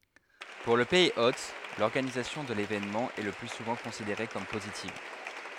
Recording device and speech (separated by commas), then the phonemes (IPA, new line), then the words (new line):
headset microphone, read sentence
puʁ lə pɛiz ot lɔʁɡanizasjɔ̃ də levenmɑ̃ ɛ lə ply suvɑ̃ kɔ̃sideʁe kɔm pozitiv
Pour le pays hôte, l’organisation de l’événement est le plus souvent considérée comme positive.